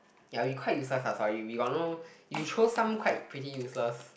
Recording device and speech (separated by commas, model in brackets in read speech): boundary microphone, conversation in the same room